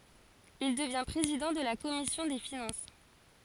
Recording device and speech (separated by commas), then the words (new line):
forehead accelerometer, read sentence
Il devient président de la Commission des finances.